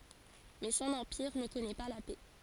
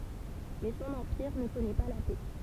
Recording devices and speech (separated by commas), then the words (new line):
forehead accelerometer, temple vibration pickup, read sentence
Mais son empire ne connaît pas la paix.